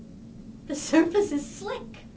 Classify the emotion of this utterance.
fearful